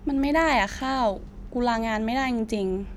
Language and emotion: Thai, frustrated